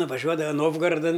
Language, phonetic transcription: Lithuanian, nuvaˈžiuodava ˈnovgaradan

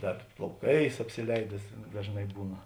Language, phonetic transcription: Lithuanian, ˈdar plauˈkais apsiˈleides dažˈnai ˈbūna

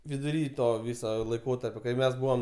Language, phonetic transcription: Lithuanian, viduˈry ˈto ˈvyso laiˈkotarpio kai ˈmes ˈbuvom

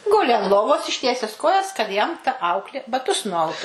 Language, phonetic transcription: Lithuanian, ˈguli an ˈlovos išˈtieses ˈkojas kad jam ta ˈauklė baˈtus nuˈautu

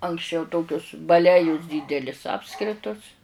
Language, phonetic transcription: Lithuanian, anksˈčiau ˈtokius baˈlejus ˈdydelis ˈapskritus

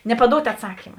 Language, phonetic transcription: Lithuanian, nepaˈdout' atˈsakima

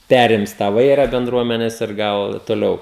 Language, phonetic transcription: Lithuanian, ˈperims tą ˈvaira benˈdruomenes ir ˈgal toˈliau

